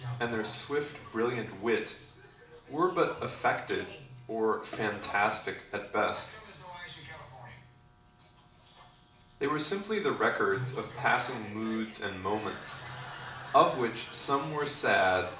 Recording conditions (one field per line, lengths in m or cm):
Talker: one person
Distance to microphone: 2.0 m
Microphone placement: close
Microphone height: 99 cm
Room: medium-sized (5.7 m by 4.0 m)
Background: television